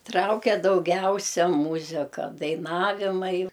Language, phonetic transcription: Lithuanian, ˈtrauke dauˈgiausia ˈmūzika daiˈnavimai

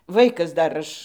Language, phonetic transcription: Lithuanian, ˈvaikas ˈdar ˈaš

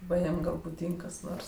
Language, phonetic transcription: Lithuanian, ˈva ˈjiem ˈgal buˈdyng kas ˈnors

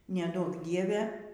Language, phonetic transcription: Lithuanian, neˈduok ˈdieve

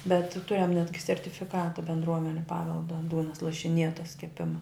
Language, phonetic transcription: Lithuanian, bet ˈturiam ˈnetgi sertifiˈkata bendˈruomeniu ˈpavelda ˈdūnas lašiˈnietas keˈpima

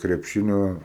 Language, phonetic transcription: Lithuanian, krepˈšinio

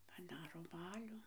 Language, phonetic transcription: Lithuanian, paˈdaro ˈbaliu

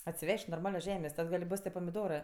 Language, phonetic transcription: Lithuanian, atsiˈvež't' norˈmalios ˈžemės' ˈtad gal' ˈbos tie pamiˈdorɜ

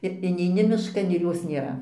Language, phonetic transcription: Lithuanian, ir ineiˈni mišˈkan ir ˈjos nėˈra

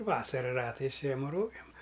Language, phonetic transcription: Lithuanian, ˈvasara ˈratais ˈžiema ˈrogėm

